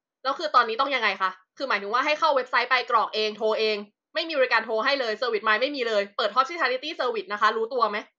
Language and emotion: Thai, angry